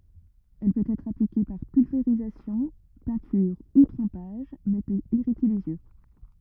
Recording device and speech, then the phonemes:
rigid in-ear microphone, read sentence
ɛl pøt ɛtʁ aplike paʁ pylveʁizasjɔ̃ pɛ̃tyʁ u tʁɑ̃paʒ mɛ pøt iʁite lez jø

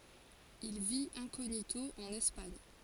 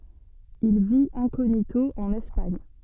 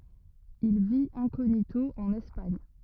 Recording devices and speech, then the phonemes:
forehead accelerometer, soft in-ear microphone, rigid in-ear microphone, read sentence
il vit ɛ̃koɲito ɑ̃n ɛspaɲ

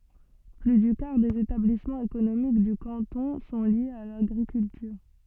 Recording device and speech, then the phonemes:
soft in-ear microphone, read sentence
ply dy kaʁ dez etablismɑ̃z ekonomik dy kɑ̃tɔ̃ sɔ̃ ljez a laɡʁikyltyʁ

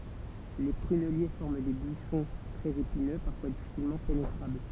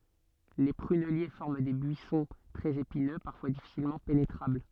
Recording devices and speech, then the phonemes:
temple vibration pickup, soft in-ear microphone, read sentence
le pʁynɛlje fɔʁm de byisɔ̃ tʁɛz epinø paʁfwa difisilmɑ̃ penetʁabl

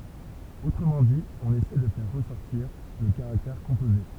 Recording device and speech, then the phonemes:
temple vibration pickup, read sentence
otʁəmɑ̃ di ɔ̃n esɛ də fɛʁ ʁəsɔʁtiʁ lə kaʁaktɛʁ kɔ̃poze

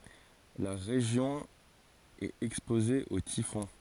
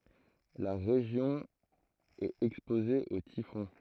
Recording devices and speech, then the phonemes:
forehead accelerometer, throat microphone, read sentence
la ʁeʒjɔ̃ ɛt ɛkspoze o tifɔ̃

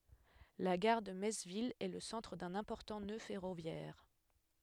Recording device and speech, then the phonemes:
headset microphone, read sentence
la ɡaʁ də mɛts vil ɛ lə sɑ̃tʁ dœ̃n ɛ̃pɔʁtɑ̃ nø fɛʁovjɛʁ

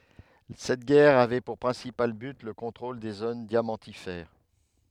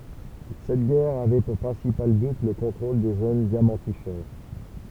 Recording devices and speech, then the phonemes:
headset microphone, temple vibration pickup, read sentence
sɛt ɡɛʁ avɛ puʁ pʁɛ̃sipal byt lə kɔ̃tʁol de zon djamɑ̃tifɛʁ

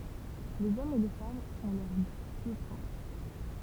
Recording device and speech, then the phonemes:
temple vibration pickup, read sentence
lez ɔmz e le famz ɔ̃ lœʁ djø pʁɔpʁ

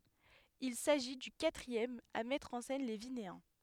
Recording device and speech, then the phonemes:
headset microphone, read sentence
il saʒi dy katʁiɛm a mɛtʁ ɑ̃ sɛn le vineɛ̃

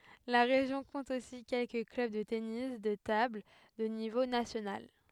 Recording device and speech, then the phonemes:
headset microphone, read sentence
la ʁeʒjɔ̃ kɔ̃t osi kɛlkə klœb də tenis də tabl də nivo nasjonal

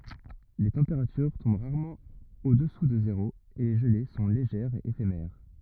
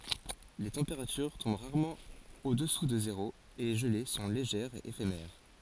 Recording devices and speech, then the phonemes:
rigid in-ear microphone, forehead accelerometer, read sentence
le tɑ̃peʁatyʁ tɔ̃b ʁaʁmɑ̃ odɛsu də zeʁo e le ʒəle sɔ̃ leʒɛʁz e efemɛʁ

